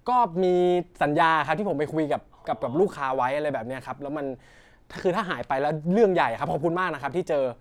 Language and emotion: Thai, neutral